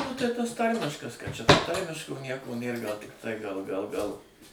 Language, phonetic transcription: Lithuanian, ˈnu tai ˈtas ˈtarmiškas kad čia ˈto ˈtarmiško ˈnieko ˈnėr ˈgal ˈtai gal gal ˈgal

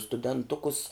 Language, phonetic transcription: Lithuanian, studenˈtukus

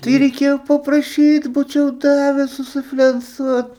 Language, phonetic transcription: Lithuanian, tai reiˈkėjo papraˈšyt ˈbūčiau ˈdaves susiflenˈcuot

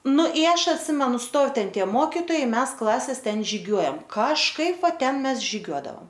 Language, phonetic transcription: Lithuanian, ˈnu i ˈaš atˈsimenu ˈstov ˈten ˈtie ˈmokitojai ˈmes ˈklases ˈten žiˈgiuojam kažˈkaip ˈva ˈten ˈmes žiˈgiuodaom

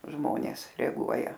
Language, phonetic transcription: Lithuanian, ˈžmonės reaˈguoja

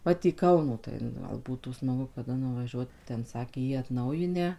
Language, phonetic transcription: Lithuanian, ˈvat į ˈkauno tai nu ˈgal ˈbūtų smaˈgu kaˈda nuvaˈžiuot ˈten ˈsakė jį atˈnaujinę

